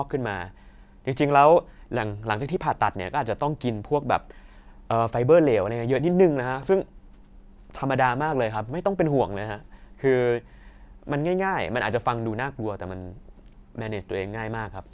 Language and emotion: Thai, neutral